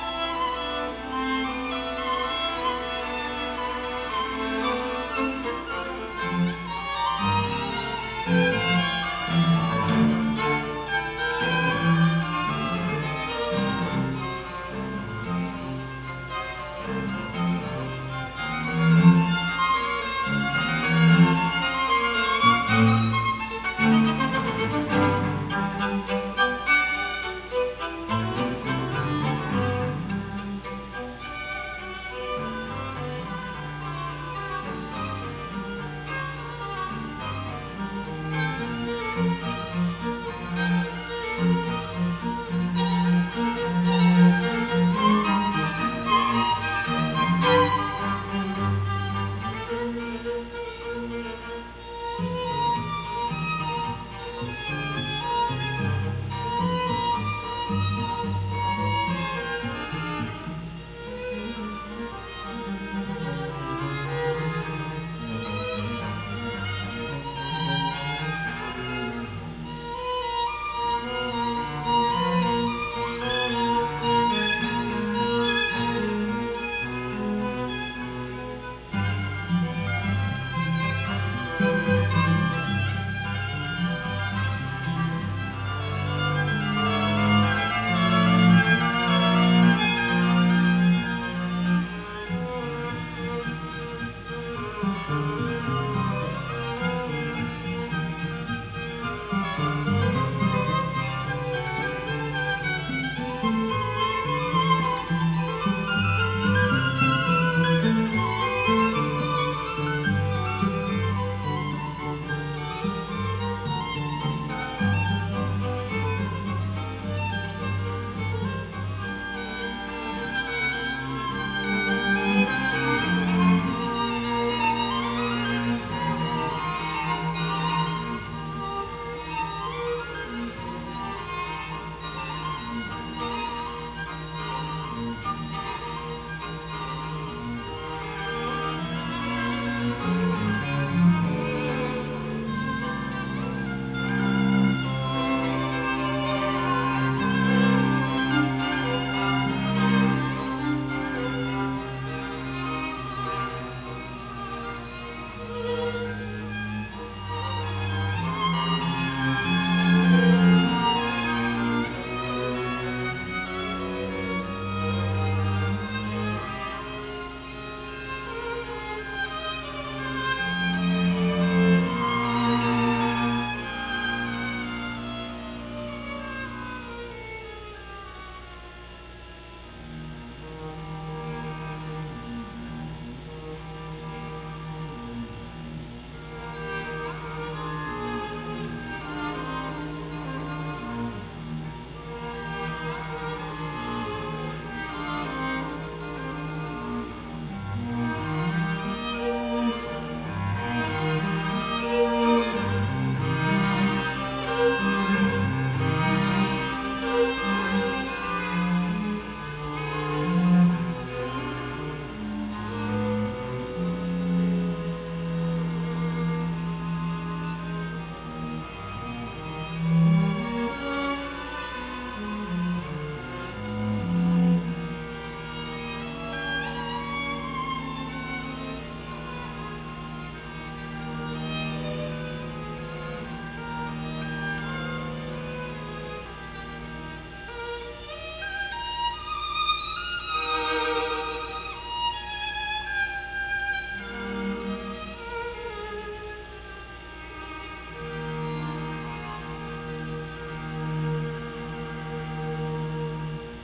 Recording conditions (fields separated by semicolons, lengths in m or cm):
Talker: no one; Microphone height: 1.1 m; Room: very reverberant, large; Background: music